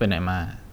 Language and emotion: Thai, neutral